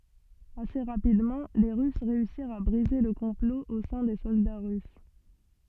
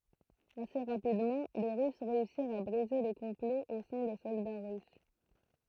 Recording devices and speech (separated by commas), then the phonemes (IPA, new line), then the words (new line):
soft in-ear microphone, throat microphone, read sentence
ase ʁapidmɑ̃ le ʁys ʁeysiʁt a bʁize lə kɔ̃plo o sɛ̃ de sɔlda ʁys
Assez rapidement, les Russes réussirent à briser le complot au sein des soldats russes.